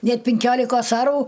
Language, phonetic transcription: Lithuanian, ˈnet pinˈkiolikos ˈarų

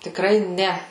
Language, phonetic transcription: Lithuanian, tikˈrai ˈne

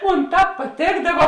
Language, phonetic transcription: Lithuanian, ˈmon ˈtāp paˈtėkdava

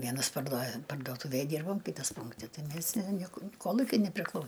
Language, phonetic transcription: Lithuanian, ˈvienas parduo parduoˈtuvėj ˈdyrbom ˈkitas ˈpunkti ˈtai ˈmės ne ˈnieku ˈkolukiui nepriˈklau

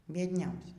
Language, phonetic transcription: Lithuanian, biedˈniausias

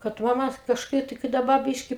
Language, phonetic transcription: Lithuanian, kad ˈva mat kažˈkaip tai kai daˈba ˈbyški

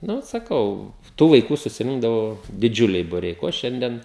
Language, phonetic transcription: Lithuanian, ˈnu saˈkau ˈtų vaiˈkų susiˈrinkdavo diˈdžiuliai buˈriai ˈko ˈšiandien

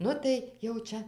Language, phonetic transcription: Lithuanian, ˈnu tai jau ˈčia

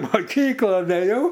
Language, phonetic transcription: Lithuanian, moˈkykla da ėˈjau

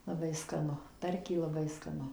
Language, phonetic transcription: Lithuanian, laˈbai skaˈnu ˈtarkiai laˈbai skaˈnu

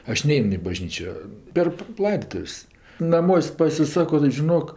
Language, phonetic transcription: Lithuanian, ˈaš ˈnein i baˈžnyčio per ˈlaidotuv's' naˈmuos' pasiˈsako tai žiˈnok

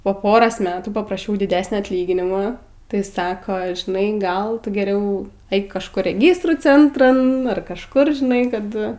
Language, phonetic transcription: Lithuanian, po ˈporos ˈmetų papraˈšiau diˈdesnia atˈlyginima tai ˈsako žiˈnai ˈgal ˈtu geˈriau ˈeik kažˈkur reˈgystrų ˈcentran ar kažˈkur žiˈnai ˈkad

